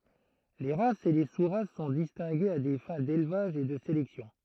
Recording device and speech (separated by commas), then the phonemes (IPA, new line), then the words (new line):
throat microphone, read sentence
le ʁasz e le su ʁas sɔ̃ distɛ̃ɡez a de fɛ̃ delvaʒ e də selɛksjɔ̃
Les races et les sous-races sont distinguées à des fins d'élevage et de sélection.